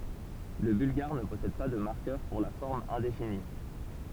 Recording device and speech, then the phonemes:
temple vibration pickup, read sentence
lə bylɡaʁ nə pɔsɛd pa də maʁkœʁ puʁ la fɔʁm ɛ̃defini

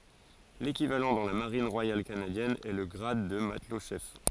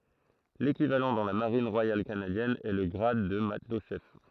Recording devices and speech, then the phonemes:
forehead accelerometer, throat microphone, read sentence
lekivalɑ̃ dɑ̃ la maʁin ʁwajal kanadjɛn ɛ lə ɡʁad də matlɔtʃɛf

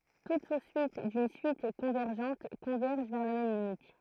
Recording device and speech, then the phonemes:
throat microphone, read sentence
tut su syit dyn syit kɔ̃vɛʁʒɑ̃t kɔ̃vɛʁʒ vɛʁ la mɛm limit

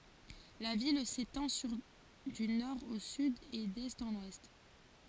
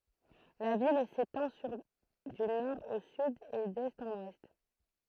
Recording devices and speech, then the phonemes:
forehead accelerometer, throat microphone, read sentence
la vil setɑ̃ syʁ dy nɔʁ o syd e dɛst ɑ̃n wɛst

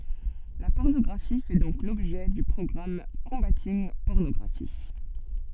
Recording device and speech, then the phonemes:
soft in-ear microphone, read sentence
la pɔʁnɔɡʁafi fɛ dɔ̃k lɔbʒɛ dy pʁɔɡʁam kɔ̃batinɡ pɔʁnɔɡʁafi

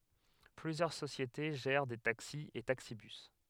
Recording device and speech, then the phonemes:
headset microphone, read sentence
plyzjœʁ sosjete ʒɛʁ de taksi e taksibys

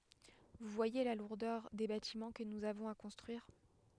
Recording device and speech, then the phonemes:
headset microphone, read sentence
vu vwaje la luʁdœʁ de batimɑ̃ kə nuz avɔ̃z a kɔ̃stʁyiʁ

